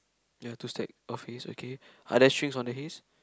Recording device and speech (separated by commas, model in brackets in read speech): close-talking microphone, conversation in the same room